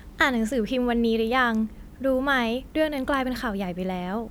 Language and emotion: Thai, happy